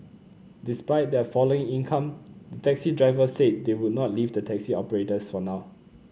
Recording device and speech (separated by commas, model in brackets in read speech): mobile phone (Samsung C9), read sentence